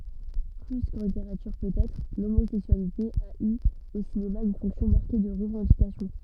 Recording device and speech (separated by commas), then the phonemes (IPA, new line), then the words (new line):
soft in-ear microphone, read sentence
ply kɑ̃ liteʁatyʁ pøtɛtʁ lomozɛksyalite a y o sinema yn fɔ̃ksjɔ̃ maʁke də ʁəvɑ̃dikasjɔ̃
Plus qu’en littérature peut-être, l’homosexualité a eu au cinéma une fonction marquée de revendication.